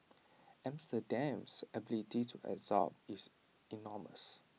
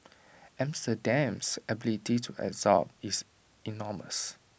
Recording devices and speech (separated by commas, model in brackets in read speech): mobile phone (iPhone 6), boundary microphone (BM630), read sentence